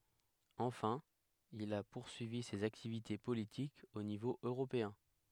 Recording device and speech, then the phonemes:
headset microphone, read sentence
ɑ̃fɛ̃ il a puʁsyivi sez aktivite politikz o nivo øʁopeɛ̃

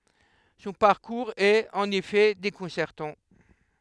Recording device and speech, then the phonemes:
headset microphone, read sentence
sɔ̃ paʁkuʁz ɛt ɑ̃n efɛ dekɔ̃sɛʁtɑ̃

